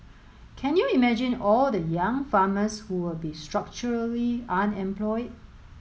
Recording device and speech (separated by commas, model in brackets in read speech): mobile phone (Samsung S8), read sentence